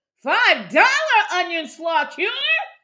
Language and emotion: English, surprised